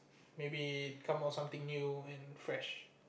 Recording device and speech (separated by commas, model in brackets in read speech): boundary microphone, conversation in the same room